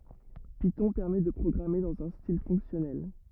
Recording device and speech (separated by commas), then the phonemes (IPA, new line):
rigid in-ear microphone, read sentence
pitɔ̃ pɛʁmɛ də pʁɔɡʁame dɑ̃z œ̃ stil fɔ̃ksjɔnɛl